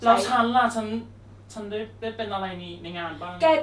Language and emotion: Thai, frustrated